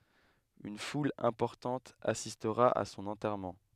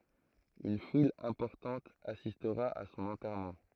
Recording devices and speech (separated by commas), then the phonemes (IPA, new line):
headset microphone, throat microphone, read sentence
yn ful ɛ̃pɔʁtɑ̃t asistʁa a sɔ̃n ɑ̃tɛʁmɑ̃